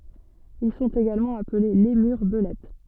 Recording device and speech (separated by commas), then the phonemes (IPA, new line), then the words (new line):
soft in-ear microphone, read sentence
il sɔ̃t eɡalmɑ̃ aple lemyʁ bəlɛt
Ils sont également appelés lémurs belettes.